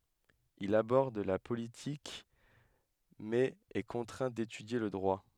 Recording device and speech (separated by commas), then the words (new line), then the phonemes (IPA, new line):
headset microphone, read sentence
Il aborde la politique mais est contraint d'étudier le droit.
il abɔʁd la politik mɛz ɛ kɔ̃tʁɛ̃ detydje lə dʁwa